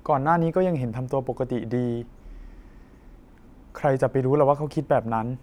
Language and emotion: Thai, neutral